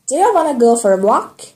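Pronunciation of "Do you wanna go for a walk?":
This is an American way of saying the sentence: 'you' sounds like 'ya', and 'want to' runs together into 'wanna'.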